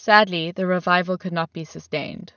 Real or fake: real